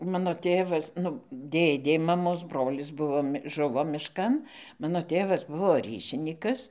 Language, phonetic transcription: Lithuanian, ˈmano ˈtėvas nu ˈdėdė maˈmos ˈbrolis ˈbuvo ˈžuvo mišˈkan ˈmano ˈtėvas ˈbuvo ˈryšinykas

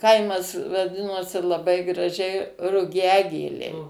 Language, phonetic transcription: Lithuanian, ˈkaimas vaˈdinosi laˈbai graˈžiai ruˈgiagėliai

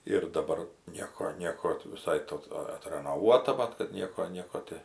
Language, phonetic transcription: Lithuanian, ir daˈbar ˈnieko ˈnieko ti viˈsai ˈto ˈa atranoˈvuota ˈmat kad ˈnieko ˈnieko ti

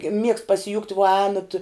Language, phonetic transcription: Lithuanian, miegst pasiˈjukt vuo ˈēnat

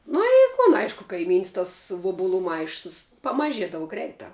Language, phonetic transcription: Lithuanian, ˈnu i kun ˈaišku kaiˈmyns tas ˈvubulu ˈmaišus pamaˈžiedavu ˈgreitā

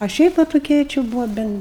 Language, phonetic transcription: Lithuanian, a ˈšiaip va toˈkie či ˈbūvo ˈben

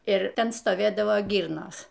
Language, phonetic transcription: Lithuanian, ir ˈten stoˈvėdavo ˈgyrnos

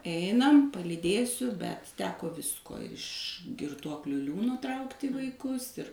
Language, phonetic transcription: Lithuanian, ˈeinam palyˈdėsiu bet ˈteko ˈvisko iš girˈtuokliu ˈliūno ˈtraukti vaiˈkus ir

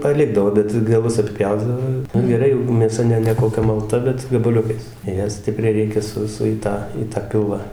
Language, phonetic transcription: Lithuanian, paˈlikdavo ˈbet gaˈlus atˈpjaudavo ˈnu geˈrai jau mėˈsa ne ne koˈkia malˈta bet gabaˈliukais ˈją ˈstipriai ˈreikia ˈsu su į ˈtą į ta ˈpilvą

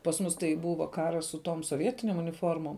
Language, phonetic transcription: Lithuanian, pas ˈmus tai ˈbūva ˈkaras su tom soˈvietinėm uniˈformom

